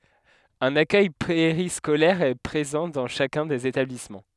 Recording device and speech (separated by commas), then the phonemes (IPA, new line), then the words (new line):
headset microphone, read sentence
œ̃n akœj peʁiskolɛʁ ɛ pʁezɑ̃ dɑ̃ ʃakœ̃ dez etablismɑ̃
Un accueil périscolaire est présent dans chacun des établissements.